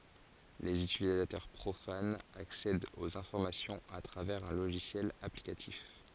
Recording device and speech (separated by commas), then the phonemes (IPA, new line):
forehead accelerometer, read sentence
lez ytilizatœʁ pʁofanz aksɛdt oz ɛ̃fɔʁmasjɔ̃z a tʁavɛʁz œ̃ loʒisjɛl aplikatif